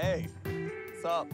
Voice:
gruffly